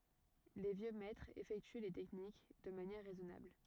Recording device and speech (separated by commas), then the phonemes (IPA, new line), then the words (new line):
rigid in-ear microphone, read sentence
le vjø mɛtʁz efɛkty le tɛknik də manjɛʁ ʁɛzɔnabl
Les vieux maîtres effectuent les techniques de manière raisonnable.